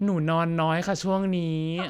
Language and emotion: Thai, frustrated